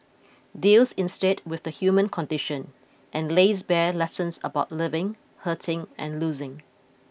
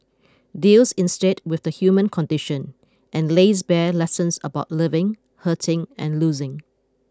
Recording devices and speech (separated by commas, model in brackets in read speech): boundary microphone (BM630), close-talking microphone (WH20), read sentence